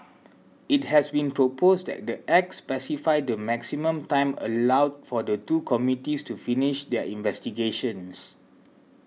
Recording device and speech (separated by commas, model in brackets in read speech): mobile phone (iPhone 6), read sentence